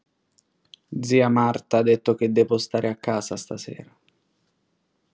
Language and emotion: Italian, sad